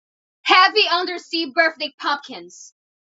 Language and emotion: English, neutral